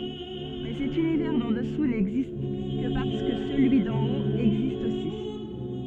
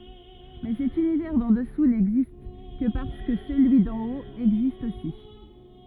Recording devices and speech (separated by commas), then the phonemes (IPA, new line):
soft in-ear microphone, rigid in-ear microphone, read sentence
mɛ sɛt ynivɛʁ dɑ̃ dəsu nɛɡzist kə paʁskə səlyi dɑ̃ ot ɛɡzist osi